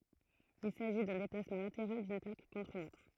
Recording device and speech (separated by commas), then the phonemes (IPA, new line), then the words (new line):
throat microphone, read sentence
il saʒi dœ̃ deplasmɑ̃ lateʁal dyn plak kɔ̃tʁ yn otʁ
Il s'agit d'un déplacement latéral d'une plaque contre une autre.